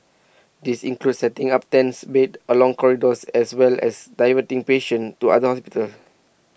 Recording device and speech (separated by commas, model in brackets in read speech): boundary microphone (BM630), read sentence